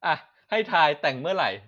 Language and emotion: Thai, happy